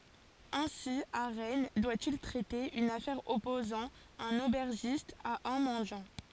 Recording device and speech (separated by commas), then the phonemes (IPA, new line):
forehead accelerometer, read sentence
ɛ̃si a ʁɛn dwa il tʁɛte yn afɛʁ ɔpozɑ̃ œ̃n obɛʁʒist a œ̃ mɑ̃djɑ̃